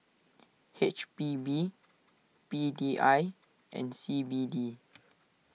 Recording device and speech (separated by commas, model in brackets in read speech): mobile phone (iPhone 6), read sentence